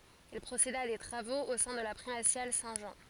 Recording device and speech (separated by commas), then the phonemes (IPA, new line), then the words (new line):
forehead accelerometer, read sentence
il pʁoseda a de tʁavoz o sɛ̃ də la pʁimasjal sɛ̃ ʒɑ̃
Il procéda à des travaux au sein de la primatiale Saint-Jean.